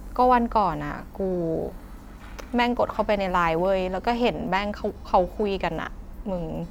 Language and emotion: Thai, frustrated